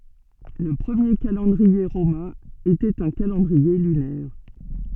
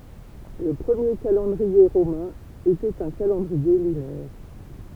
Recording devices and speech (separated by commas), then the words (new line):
soft in-ear microphone, temple vibration pickup, read sentence
Le premier calendrier romain était un calendrier lunaire.